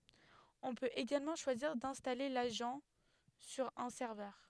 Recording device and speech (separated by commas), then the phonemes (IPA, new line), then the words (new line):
headset microphone, read sentence
ɔ̃ pøt eɡalmɑ̃ ʃwaziʁ dɛ̃stale laʒɑ̃ syʁ œ̃ sɛʁvœʁ
On peut également choisir d'installer l'agent sur un serveur.